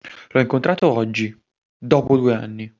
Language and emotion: Italian, neutral